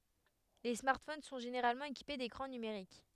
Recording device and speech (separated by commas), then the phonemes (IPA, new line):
headset microphone, read sentence
le smaʁtfon sɔ̃ ʒeneʁalmɑ̃ ekipe dekʁɑ̃ nymeʁik